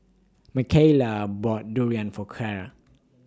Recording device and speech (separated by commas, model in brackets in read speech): standing microphone (AKG C214), read sentence